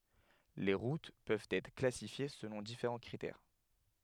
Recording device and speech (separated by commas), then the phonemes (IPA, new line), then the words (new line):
headset microphone, read sentence
le ʁut pøvt ɛtʁ klasifje səlɔ̃ difeʁɑ̃ kʁitɛʁ
Les routes peuvent être classifiées selon différents critères.